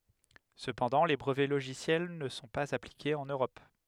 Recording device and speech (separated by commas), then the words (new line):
headset microphone, read sentence
Cependant, les brevets logiciels ne sont pas appliqués en Europe.